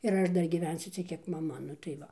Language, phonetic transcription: Lithuanian, ir ˈaš ˈdar gyˈvensiu ˈciek ˈkiek maˈma nu tai ˈva

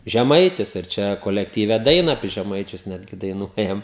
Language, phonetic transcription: Lithuanian, žeˈmaitis ir ˈčia kolektyˈve ˈdaina apie žeˈmaičius ˈnetgi daiˈnuojam

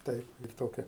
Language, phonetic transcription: Lithuanian, ˈtaip lyg ˈtokia

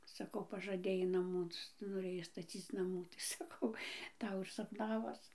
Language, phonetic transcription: Lithuanian, saˈkau pažaˈdėjai naˈmų noˈrėjai staˈcyc naˈmų tai saˈkau ˈtau ir sapˈnavos

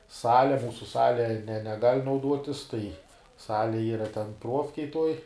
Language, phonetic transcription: Lithuanian, ˈsale ˈmūsu ˈsale ne neˈgal' nauˈduotis tai ˈsale ˈyra ten ˈpruofkej tuoj

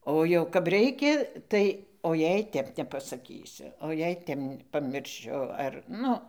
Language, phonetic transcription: Lithuanian, ˈo jau kap ˈreikia ˈtai o ˈjei ˈtep nepasaˈkysiu o jei ˈtep pamirˈšiu ar ˈnu

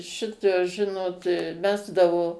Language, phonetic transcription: Lithuanian, ˈšitos ˈžinot ˈmesdavo

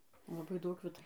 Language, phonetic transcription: Lithuanian, laˈbai ˈdaug ˈvita

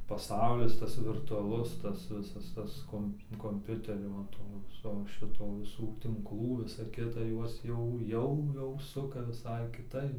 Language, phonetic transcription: Lithuanian, paˈsaulis ˈtas virtuaˈlus tas ˈvisas ˈtas ˈkomp komˈpiuterio va ˈto ˈviso ˈšito viˈsų tinkˈlų ˈvisa ˈkita ˈjuos jau ˈjau jau ˈsuka viˈsai kiˈtaip

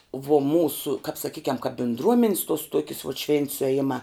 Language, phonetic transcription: Lithuanian, vuo ˈmūsu kap saˈkykiam kap bindˈruomins tuos ˈtuokis vuot švėnt sueˈjimā

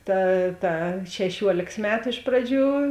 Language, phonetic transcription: Lithuanian, ˈta ˈta šeˈšiuolėks ˈmetu iš ˈpraˌdžių

